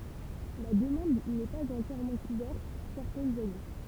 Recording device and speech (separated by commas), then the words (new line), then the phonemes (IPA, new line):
temple vibration pickup, read sentence
La demande n'est pas entièrement couverte certaines années.
la dəmɑ̃d nɛ paz ɑ̃tjɛʁmɑ̃ kuvɛʁt sɛʁtɛnz ane